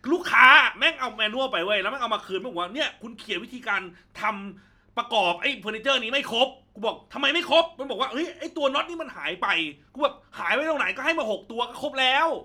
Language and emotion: Thai, angry